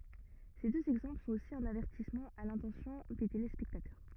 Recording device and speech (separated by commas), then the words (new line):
rigid in-ear microphone, read sentence
Ces deux exemples sont aussi un avertissement à l'intention des téléspectateurs.